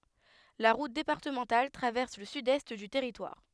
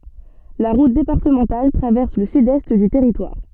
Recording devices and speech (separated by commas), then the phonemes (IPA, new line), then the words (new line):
headset microphone, soft in-ear microphone, read sentence
la ʁut depaʁtəmɑ̃tal tʁavɛʁs lə sydɛst dy tɛʁitwaʁ
La route départementale traverse le sud-est du territoire.